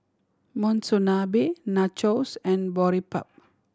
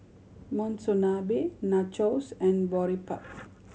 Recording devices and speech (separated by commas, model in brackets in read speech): standing microphone (AKG C214), mobile phone (Samsung C7100), read sentence